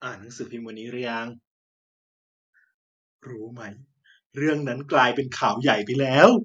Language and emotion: Thai, happy